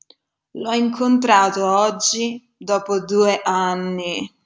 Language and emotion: Italian, disgusted